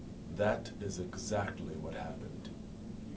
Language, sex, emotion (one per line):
English
male
neutral